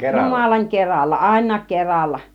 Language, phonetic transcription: Finnish, 'jumalaŋ 'keralla , 'àin̆naak "keralla .
- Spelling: jumalan keralla ainakin keralla

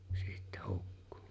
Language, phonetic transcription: Finnish, sittä 'hukkᴜ .
- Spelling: sitten hukkui

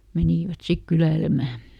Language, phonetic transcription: Finnish, ˈmenìvät "sik ˈkyläilemä .
- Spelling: menivät sitten kyläilemään

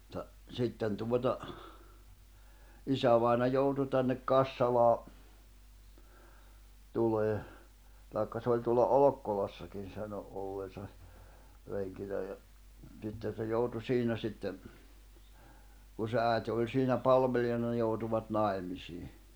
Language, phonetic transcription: Finnish, [mut]ta , 'sitten tuota , 'isävaina 'joutu tännek 'Kassalaa , tulee , tài̬kka se oĺ tuola "Olokkolassakin̬ sano '’olleesa , reŋkinä ja , sitten̬ se 'joutu "siinä sitte , kun̬ se 'ä̀ete oĺ siinä 'palveljana ne joutuvat 'naemisii .
- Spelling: mutta sitten tuota isävainaja joutui tänne Kassalaan tulemaan tai se oli tuolla Olkkolassakin sanoi olleensa renkinä ja sitten se joutui siinä sitten kun se äiti oli siinä palvelijana ne joutuivat naimisiin

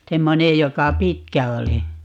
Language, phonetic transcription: Finnish, 'semmonej 'joka "pitkä 'oli .
- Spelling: semmoinen joka pitkä oli

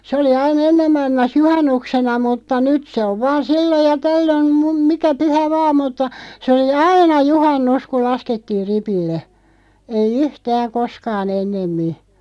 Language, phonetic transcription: Finnish, se oli 'ai"n ‿ennem 'mailmas "juhannuksena 'mutta "nyt se ov 'vaan̬ "silloj ja "tällön , mum- 'mikä 'pyhä "vaa mutta , se oli "aina 'juhan"nus kuˡ "laskettiiʳ 'ripille , 'ei "yhtääᵑ "koskaa'n̬ ‿ennemmi .
- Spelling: se oli aina ennen maailmassa juhannuksena mutta nyt se on vain silloin ja tällöin - mikä pyhä vain mutta se oli aina juhannus kun laskettiin ripille ei yhtään koskaan ennemmin

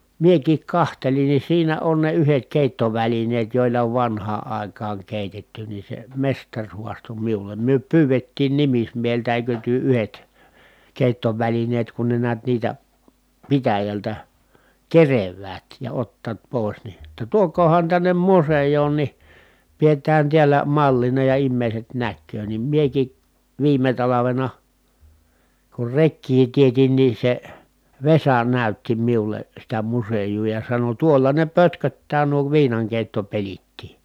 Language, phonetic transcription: Finnish, miekiik kahtelin ni siinä on ne yhet kèittovälineet jòilla ov vanhaa ài̮kaaŋ kèitetty ni se mestaŕ huasto miulem » myö pyyvettiin nimismieheltä èikö työ yhet , kèi̮ttovälineet kun ne niät niitä , pitäjältä , kerev̀äät ja ottaat pòis ni , [jot]ta tuok̀oohan tännem musej̀oon ni , piet̀ään tiälä mallina ja immèi̮set näkköö » nim mieki , viime talavena , kur rekkii tietin nin̬ se , Vesa nä̀ytti miule , sitä musejuu ja sano » tuolla ne pötköttää nuo viinaŋkèi̮ttopelittii » .
- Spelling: minäkin katselin niin siinä on ne yhdet keittovälineet joilla on vanhaan aikaan keitetty niin se mestari haastoi minulle me pyydettiin nimismieheltä eikö te yhdet keittovälineet kun ne näet niitä pitäjältä keräävät ja ottavat pois niin jotta tuokaahan tänne museoon niin pidetään täällä mallina ja ihmiset näkee niin minäkin viime talvena kun rekeä teetin niin se Vesa näytti minulle sitä museota ja sanoi tuolla ne pötköttää nuo viinankeittopelitkin

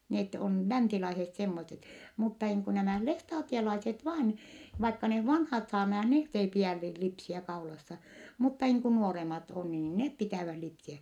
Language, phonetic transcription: Finnish, net on , länsilaiset semmoset , mutta niiŋ ku nämä̀ lestaatielaiset vaan , vaikka neh vanhat saarnajah net ei piä̀n (niil) lipsiä kaulassa , mutta niiŋ ku nuoremat o niin nep pitä̀väh lipsiä .
- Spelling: ne on länsilaiset semmoiset mutta niin kuin nämä lestadiolaiset vain vaikka ne vanhat saarnaajat ne ei pidä niin lipsiä kaulassa mutta niin kuin nuoremmat on niin ne pitävät lipsiä

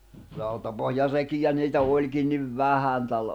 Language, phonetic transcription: Finnish, 'rautapohja'rekijä niitä 'òĺkin niv "vähän tällᵃ̈ ,.
- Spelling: rautapohjarekiä niitä olikin niin vähän täällä

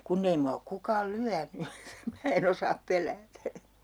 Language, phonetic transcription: Finnish, 'kunn ‿ei mua ok 'kukaal "lyäny , (että sim) mää e'n ‿osaap 'pel̆läätä .
- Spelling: kun ei minua ole kukaan lyönyt että sitten minä en osaa pelätä

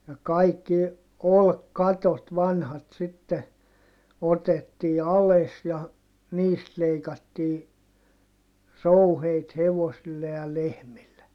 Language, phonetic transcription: Finnish, ja kaikki , olkkatot vanhat sitte , otettii ales ja , niist leikattii , rouheit hevosille ja lehmille .
- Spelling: ja kaikki olkikatot vanhat sitten otettiin alas ja niistä leikattiin rouheita hevosille ja lehmille

